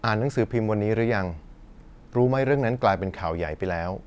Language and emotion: Thai, neutral